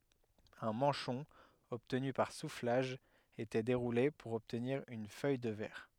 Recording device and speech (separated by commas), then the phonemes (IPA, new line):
headset microphone, read sentence
œ̃ mɑ̃ʃɔ̃ ɔbtny paʁ suflaʒ etɛ deʁule puʁ ɔbtniʁ yn fœj də vɛʁ